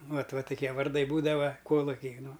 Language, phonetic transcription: Lithuanian, ˈvat ˈva tuˈkie varˈdai ˈbūdava ˈkoluki ˈnu

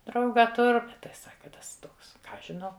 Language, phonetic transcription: Lithuanian, ˈdrauga ˈtur ˈbet tai ˈsaka ˈtas ˈtoks ˈką ˈaš žiˈnau

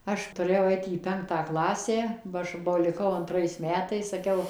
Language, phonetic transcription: Lithuanian, ˈaš tuˈrėjau ˈait į ˈpenktą ˈklasę ba ˈaš ba liˈkau anˈtrais ˈmetais saˈkiau

